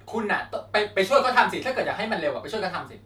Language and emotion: Thai, frustrated